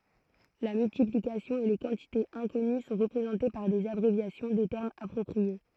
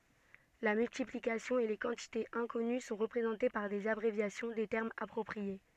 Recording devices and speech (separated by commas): throat microphone, soft in-ear microphone, read sentence